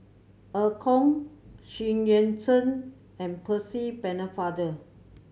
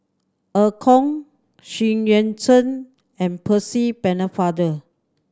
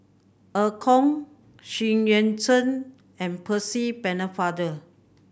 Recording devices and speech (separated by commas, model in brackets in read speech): mobile phone (Samsung C7100), standing microphone (AKG C214), boundary microphone (BM630), read sentence